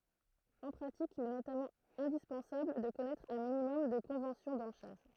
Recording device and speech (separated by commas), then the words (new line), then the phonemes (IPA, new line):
throat microphone, read sentence
En pratique, il est notamment indispensable de connaître un minimum de conventions d'enchères.
ɑ̃ pʁatik il ɛ notamɑ̃ ɛ̃dispɑ̃sabl də kɔnɛtʁ œ̃ minimɔm də kɔ̃vɑ̃sjɔ̃ dɑ̃ʃɛʁ